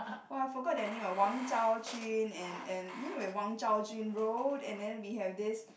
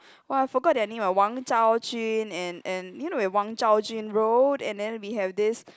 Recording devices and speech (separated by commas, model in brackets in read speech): boundary microphone, close-talking microphone, conversation in the same room